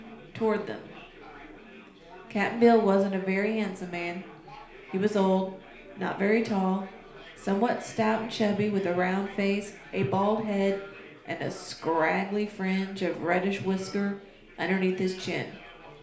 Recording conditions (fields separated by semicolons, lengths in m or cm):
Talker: one person; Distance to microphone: 1.0 m; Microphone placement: close; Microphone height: 1.1 m; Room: small (3.7 m by 2.7 m); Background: babble